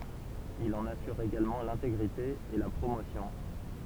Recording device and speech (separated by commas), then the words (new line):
temple vibration pickup, read sentence
Il en assure également l'intégrité et la promotion.